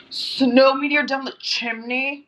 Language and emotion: English, disgusted